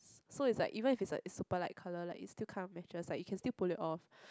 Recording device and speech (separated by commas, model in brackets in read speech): close-talking microphone, conversation in the same room